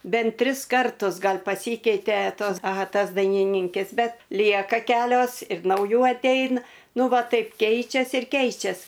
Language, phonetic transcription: Lithuanian, ˈbent ˈtris ˈkartus ˈgal' paˈsykeite ˈtos aˈha ˈtas dainiˈnynkes ˈbet ˈlieka ˈkelios ir nauˈjų atˈeina ˈnu ˈva ˈtaip ˈkeičias ir ˈkeičias

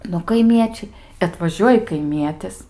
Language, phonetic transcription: Lithuanian, nu kaiˈmiečiai atvaˈžiuoji kaiˈmietis

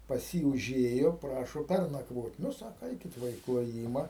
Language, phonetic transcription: Lithuanian, pas ˈjį uˈžėjo ˈprašo ˈpærnakvot' ˈnu ˈsako ˈeikit ˈva i kloˈjyma

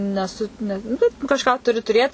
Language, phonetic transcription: Lithuanian, neˈsu ˈne nu ˈbet kažˈką ˈturi tuˈrėt

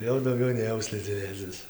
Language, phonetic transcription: Lithuanian, ˈjau dauˈgiau nėˈjau slidziˈnėcis

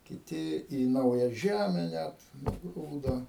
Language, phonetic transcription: Lithuanian, kiˈti į ˈnauja ˈžæme ˈnæt nuˈgrūdo

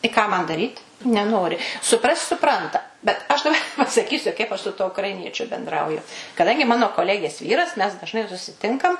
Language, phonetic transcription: Lithuanian, i ˈką man daˈryt neˈnori suˈprast' suˈpranta bet aš daˈba pasaˈkysiu kaip ˈaš su ˈtuo ukraiˈniečiu benˈdrauju kaˈdangi ˈmano koˈlegės ˈvyras mes dažˈnai susiˈtinkam

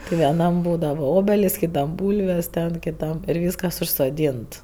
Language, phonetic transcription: Lithuanian, ti vieˈnam ˈbūdava ˈobelis kiˈtam ˈbūlvės ten kiˈtam ir ˈvyskas užsoˈdynt

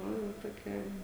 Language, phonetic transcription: Lithuanian, ˈnu jau toˈkia

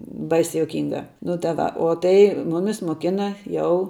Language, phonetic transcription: Lithuanian, ˈbaisia juoˈkynga nu ta ˈva o ˈtai ˈmumis moˈkina ˈjau

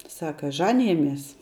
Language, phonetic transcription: Lithuanian, ˈsaka ˈžanijamies

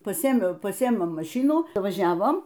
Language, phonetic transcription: Lithuanian, paˈsėėmiau paˈsėėmiau maˈšinų vaˈžiavom

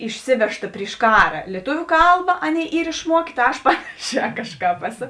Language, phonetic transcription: Lithuanian, išˈsivežta priš ˈkara lieˈtuviu ˈkalba ˈaˌnėi ˈyr išˈmuokė ta ˈaš ˈpanaˌšē ˈkažˌkāp ˈeˌso

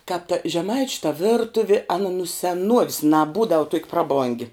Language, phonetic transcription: Lithuanian, kāp ta žeˈmaičiu ta ˈvirtuvi ˈana nu seˈnuovis naˈbūdav tuok' ˈpraˌbongi

